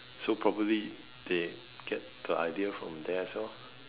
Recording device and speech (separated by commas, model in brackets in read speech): telephone, conversation in separate rooms